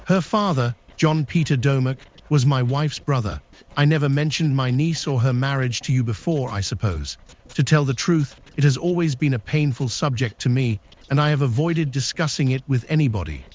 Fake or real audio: fake